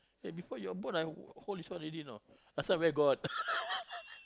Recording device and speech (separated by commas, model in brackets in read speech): close-talking microphone, conversation in the same room